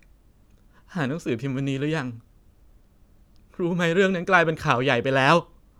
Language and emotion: Thai, sad